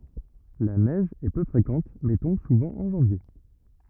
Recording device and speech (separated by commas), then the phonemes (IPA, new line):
rigid in-ear microphone, read sentence
la nɛʒ ɛ pø fʁekɑ̃t mɛ tɔ̃b suvɑ̃ ɑ̃ ʒɑ̃vje